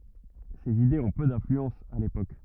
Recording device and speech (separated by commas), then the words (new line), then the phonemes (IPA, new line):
rigid in-ear microphone, read sentence
Ces idées ont peu d'influence à l'époque.
sez idez ɔ̃ pø dɛ̃flyɑ̃s a lepok